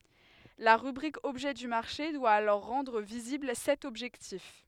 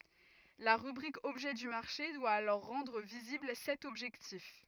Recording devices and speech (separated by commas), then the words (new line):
headset microphone, rigid in-ear microphone, read sentence
La rubrique Objet du marché doit alors rendre visible cet objectif.